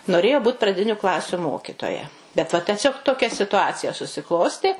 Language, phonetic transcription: Lithuanian, noˈrėjo ˈbūt praˈdiniu ˈklasiu ˈmokitoja bet ˈva teˈsiog toˈkia situˈacija susiˈklostė

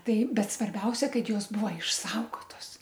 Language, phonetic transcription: Lithuanian, ˈtai ˈbet svarˈbiausia ˈkad ˈjos ˈbūva išˈsaugotos

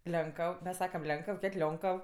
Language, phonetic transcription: Lithuanian, ˈlenkəv mes ˈsakam ˈlenkəv ˈkėt' ˈlionkəv

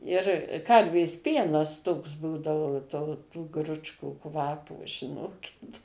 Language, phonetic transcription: Lithuanian, ir ˈkarvės ˈpienas toks ˈbūdao to tų ˈgručkų ˈkvapo žiˈnokit

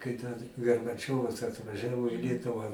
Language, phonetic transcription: Lithuanian, kai tas garbaˈčiovas atvaˈžiavo į ˈlietuvą

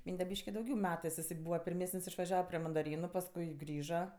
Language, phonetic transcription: Lithuanian, ˈmynde ˈbyški dauˈgiau ˈmetɜs iˈsai ˈbūva pirˈmesən's' išvaˈžiava prė mandaˈrynu pasˈkui ˈgrįža

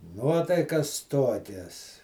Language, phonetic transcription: Lithuanian, ˈnuotaikas ˈtokias

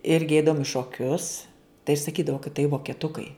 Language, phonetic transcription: Lithuanian, ˈirgi ˈeidavum i šoˈkius tai saˈkydavo kad tai vokeˈtukai

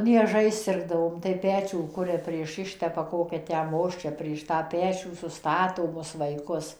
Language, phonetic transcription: Lithuanian, nieˈžais ˈsirgdavom tai ˈpečių ˈkuria prieš ˈištepa ˈkokia tę ˈmosčia prieš ˈtą ˈpečių suˈstato ˈmus vaiˈkus

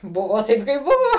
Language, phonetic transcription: Lithuanian, ˈbuvo ˈtaip kaip ˈbuvo

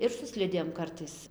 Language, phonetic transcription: Lithuanian, ir su ˈslidėm ˈkartais

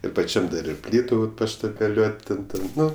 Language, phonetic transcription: Lithuanian, ir paˈčiam dar ir ˈplytu paštabeˈliuot' ˈten ˈten ˈnu

